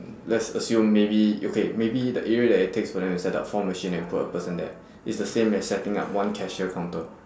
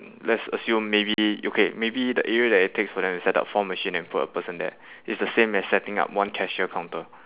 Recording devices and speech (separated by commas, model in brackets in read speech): standing microphone, telephone, conversation in separate rooms